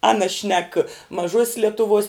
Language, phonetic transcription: Lithuanian, ˈana šnek maˈžuos's letuˈvuos

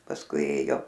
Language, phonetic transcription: Lithuanian, pasˈkui ˈėjo

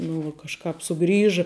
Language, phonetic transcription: Lithuanian, ˈnu vuo kažˈkāp suˈgrįžɨ

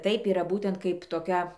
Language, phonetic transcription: Lithuanian, ˈtaip yˈra ˈbūtent ˈkaip toˈkia

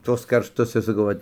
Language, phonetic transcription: Lithuanian, ˈtuos karšˈtus ir saˈkau ˈvat

